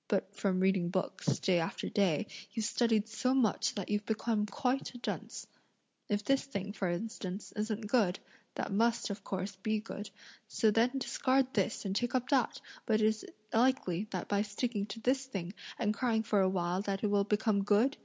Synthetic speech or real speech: real